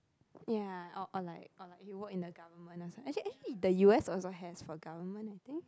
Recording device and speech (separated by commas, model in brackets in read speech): close-talking microphone, conversation in the same room